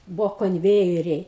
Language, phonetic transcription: Lithuanian, ˈbuvo konˈvėjeriai

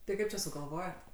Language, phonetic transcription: Lithuanian, tai ˈkaip čia sugalˈvojot

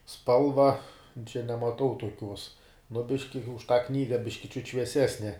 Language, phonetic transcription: Lithuanian, ˈspalva čia nemaˈtau tuoˈkiuos nu ˈbiški už tą ˈknyga ˈbiški čiut švieˈsesne

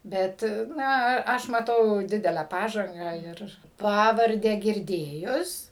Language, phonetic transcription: Lithuanian, ˈbet ˈna a ˈaš maˈtau ˈdidelę ˈpažangą ir ˈpavardę girˈdėjus

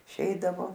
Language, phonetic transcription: Lithuanian, iˈšeidavo

